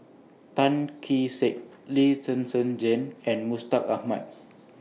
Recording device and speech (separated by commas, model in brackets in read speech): mobile phone (iPhone 6), read sentence